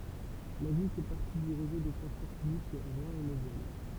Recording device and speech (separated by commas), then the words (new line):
temple vibration pickup, read sentence
La ville fait partie du réseau de transport public Rhin et Moselle.